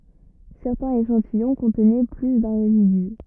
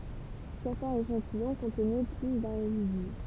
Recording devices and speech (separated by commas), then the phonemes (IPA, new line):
rigid in-ear microphone, temple vibration pickup, read sentence
sɛʁtɛ̃z eʃɑ̃tijɔ̃ kɔ̃tnɛ ply dœ̃ ʁezidy